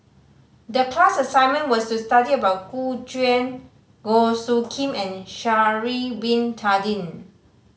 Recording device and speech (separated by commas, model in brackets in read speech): mobile phone (Samsung C5010), read sentence